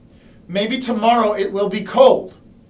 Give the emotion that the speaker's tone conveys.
angry